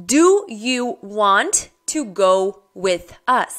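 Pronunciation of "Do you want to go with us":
The sentence 'Do you want to go with us' is said slowly, and the words are not run together.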